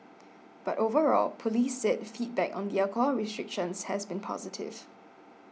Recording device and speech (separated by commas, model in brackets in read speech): mobile phone (iPhone 6), read sentence